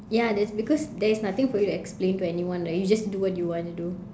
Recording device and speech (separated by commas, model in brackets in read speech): standing microphone, conversation in separate rooms